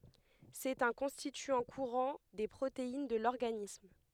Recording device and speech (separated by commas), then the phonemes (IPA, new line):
headset microphone, read sentence
sɛt œ̃ kɔ̃stityɑ̃ kuʁɑ̃ de pʁotein də lɔʁɡanism